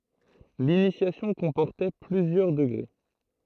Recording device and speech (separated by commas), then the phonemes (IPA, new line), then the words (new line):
throat microphone, read sentence
linisjasjɔ̃ kɔ̃pɔʁtɛ plyzjœʁ dəɡʁe
L'initiation comportait plusieurs degrés.